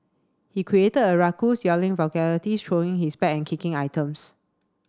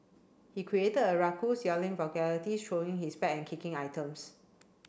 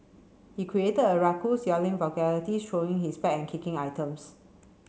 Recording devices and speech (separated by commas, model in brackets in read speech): standing microphone (AKG C214), boundary microphone (BM630), mobile phone (Samsung C7), read sentence